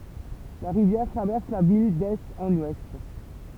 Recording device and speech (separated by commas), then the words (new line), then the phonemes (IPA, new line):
temple vibration pickup, read sentence
La rivière traverse la ville d'est en ouest.
la ʁivjɛʁ tʁavɛʁs la vil dɛst ɑ̃n wɛst